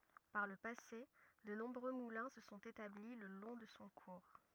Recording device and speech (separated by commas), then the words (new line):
rigid in-ear microphone, read sentence
Par le passé, de nombreux moulins se sont établis le long de son cours.